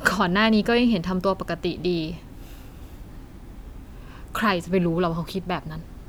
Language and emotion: Thai, frustrated